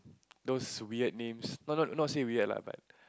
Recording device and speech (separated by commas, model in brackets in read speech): close-talking microphone, conversation in the same room